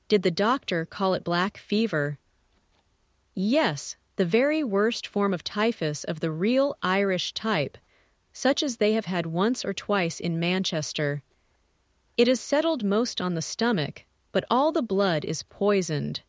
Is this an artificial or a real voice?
artificial